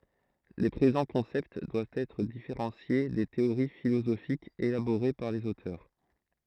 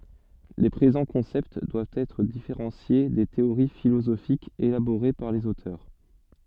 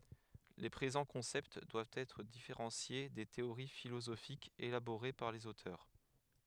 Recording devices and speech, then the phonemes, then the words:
throat microphone, soft in-ear microphone, headset microphone, read sentence
le pʁezɑ̃ kɔ̃sɛpt dwavt ɛtʁ difeʁɑ̃sje de teoʁi filozofikz elaboʁe paʁ lez otœʁ
Les présents concepts doivent être différenciés des théories philosophiques élaborées par les auteurs.

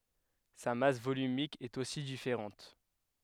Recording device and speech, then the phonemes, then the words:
headset microphone, read sentence
sa mas volymik ɛt osi difeʁɑ̃t
Sa masse volumique est aussi différente.

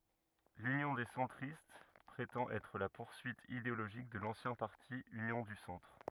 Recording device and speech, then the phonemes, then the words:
rigid in-ear microphone, read sentence
lynjɔ̃ de sɑ̃tʁist pʁetɑ̃t ɛtʁ la puʁsyit ideoloʒik də lɑ̃sjɛ̃ paʁti ynjɔ̃ dy sɑ̃tʁ
L'Union des centristes prétend être la poursuite idéologique de l'ancien parti Union du Centre.

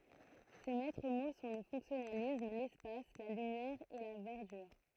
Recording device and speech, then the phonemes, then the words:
throat microphone, read sentence
se mɛtʁ mo sɔ̃ lə fɔ̃ksjɔnalism lɛspas la lymjɛʁ e la vɛʁdyʁ
Ses maîtres mots sont le fonctionnalisme, l'espace, la lumière et la verdure.

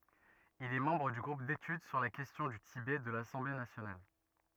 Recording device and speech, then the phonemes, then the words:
rigid in-ear microphone, read sentence
il ɛ mɑ̃bʁ dy ɡʁup detyd syʁ la kɛstjɔ̃ dy tibɛ də lasɑ̃ble nasjonal
Il est membre du groupe d'études sur la question du Tibet de l'Assemblée nationale.

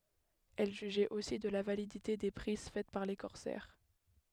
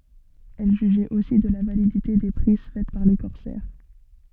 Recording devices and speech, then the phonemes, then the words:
headset microphone, soft in-ear microphone, read sentence
ɛl ʒyʒɛt osi də la validite de pʁiz fɛt paʁ le kɔʁsɛʁ
Elle jugeait aussi de la validité des prises faites par les corsaires.

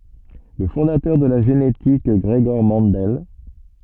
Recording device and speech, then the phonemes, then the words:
soft in-ear microphone, read sentence
lə fɔ̃datœʁ də la ʒenetik ɡʁəɡɔʁ mɑ̃dɛl
Le fondateur de la génétique Gregor Mendel.

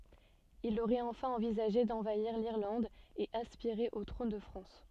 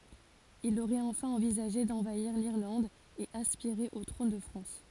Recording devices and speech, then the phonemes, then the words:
soft in-ear microphone, forehead accelerometer, read sentence
il oʁɛt ɑ̃fɛ̃ ɑ̃vizaʒe dɑ̃vaiʁ liʁlɑ̃d e aspiʁe o tʁɔ̃n də fʁɑ̃s
Il aurait enfin envisagé d'envahir l'Irlande et aspiré au trône de France.

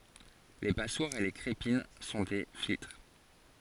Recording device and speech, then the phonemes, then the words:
forehead accelerometer, read sentence
le paswaʁz e le kʁepin sɔ̃ de filtʁ
Les passoires et les crépines sont des filtres.

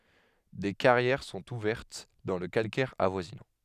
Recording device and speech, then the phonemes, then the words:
headset microphone, read sentence
de kaʁjɛʁ sɔ̃t uvɛʁt dɑ̃ lə kalkɛʁ avwazinɑ̃
Des carrières sont ouvertes dans le calcaire avoisinant.

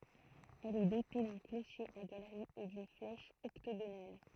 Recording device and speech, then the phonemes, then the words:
throat microphone, read sentence
ɛl ɛ dote dœ̃ kloʃe a ɡalʁi e dyn flɛʃ ɔktoɡonal
Elle est dotée d'un clocher à galerie et d'une flèche octogonale.

